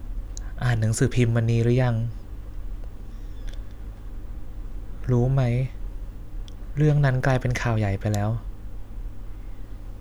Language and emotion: Thai, sad